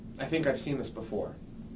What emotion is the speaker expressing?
neutral